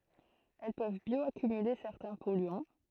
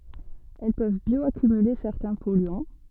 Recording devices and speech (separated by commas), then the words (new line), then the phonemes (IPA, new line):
throat microphone, soft in-ear microphone, read sentence
Elles peuvent bioaccumuler certains polluants.
ɛl pøv bjɔakymyle sɛʁtɛ̃ pɔlyɑ̃